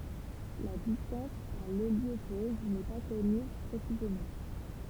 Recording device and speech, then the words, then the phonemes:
temple vibration pickup, read sentence
La distance à l'héliopause n'est pas connue précisément.
la distɑ̃s a leljopoz nɛ pa kɔny pʁesizemɑ̃

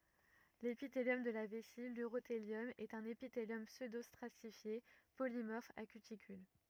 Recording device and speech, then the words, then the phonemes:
rigid in-ear microphone, read sentence
L'épithélium de la vessie, l'urothélium, est un épithélium pseudostratifié polymorphe à cuticule.
lepiteljɔm də la vɛsi lyʁoteljɔm ɛt œ̃n epiteljɔm psødostʁatifje polimɔʁf a kytikyl

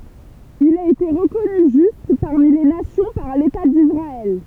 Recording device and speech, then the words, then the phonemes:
temple vibration pickup, read sentence
Il a été reconnu Juste parmi les nations par l’État d’Israël.
il a ete ʁəkɔny ʒyst paʁmi le nasjɔ̃ paʁ leta disʁaɛl

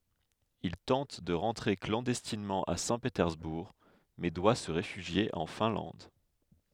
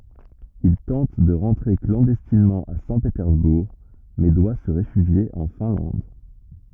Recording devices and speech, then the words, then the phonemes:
headset microphone, rigid in-ear microphone, read sentence
Il tente de rentrer clandestinement à Saint-Pétersbourg, mais doit se réfugier en Finlande.
il tɑ̃t də ʁɑ̃tʁe klɑ̃dɛstinmɑ̃ a sɛ̃petɛʁzbuʁ mɛ dwa sə ʁefyʒje ɑ̃ fɛ̃lɑ̃d

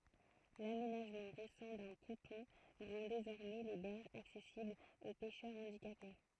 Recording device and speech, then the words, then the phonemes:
throat microphone, read sentence
L'aménagement récent d'un ponton rend désormais les berges accessibles aux pêcheurs handicapés.
lamenaʒmɑ̃ ʁesɑ̃ dœ̃ pɔ̃tɔ̃ ʁɑ̃ dezɔʁmɛ le bɛʁʒz aksɛsiblz o pɛʃœʁ ɑ̃dikape

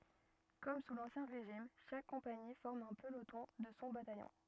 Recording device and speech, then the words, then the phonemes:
rigid in-ear microphone, read sentence
Comme sous l'Ancien Régime, chaque compagnie forme un peloton de son bataillon.
kɔm su lɑ̃sjɛ̃ ʁeʒim ʃak kɔ̃pani fɔʁm œ̃ pəlotɔ̃ də sɔ̃ batajɔ̃

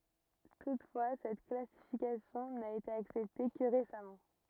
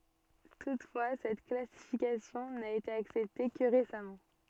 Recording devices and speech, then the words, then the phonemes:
rigid in-ear microphone, soft in-ear microphone, read sentence
Toutefois, cette classification n'a été acceptée que récemment.
tutfwa sɛt klasifikasjɔ̃ na ete aksɛpte kə ʁesamɑ̃

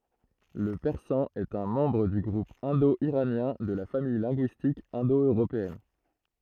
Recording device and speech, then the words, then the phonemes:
throat microphone, read sentence
Le persan est un membre du groupe indo-iranien de la famille linguistique indo-européenne.
lə pɛʁsɑ̃ ɛt œ̃ mɑ̃bʁ dy ɡʁup ɛ̃do iʁanjɛ̃ də la famij lɛ̃ɡyistik ɛ̃do øʁopeɛn

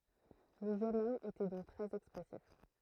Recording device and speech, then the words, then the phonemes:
throat microphone, read sentence
Le jeune homme était donc très expressif.
lə ʒøn ɔm etɛ dɔ̃k tʁɛz ɛkspʁɛsif

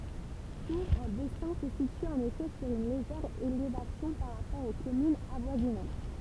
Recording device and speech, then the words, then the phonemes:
temple vibration pickup, read sentence
Tour-en-Bessin se situe en effet sur une légère élévation par rapport aux communes avoisinantes.
tuʁ ɑ̃ bɛsɛ̃ sə sity ɑ̃n efɛ syʁ yn leʒɛʁ elevasjɔ̃ paʁ ʁapɔʁ o kɔmynz avwazinɑ̃t

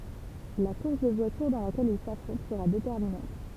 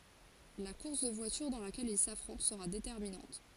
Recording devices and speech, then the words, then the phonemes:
temple vibration pickup, forehead accelerometer, read sentence
La course de voitures dans laquelle ils s'affrontent sera déterminante.
la kuʁs də vwatyʁ dɑ̃ lakɛl il safʁɔ̃t səʁa detɛʁminɑ̃t

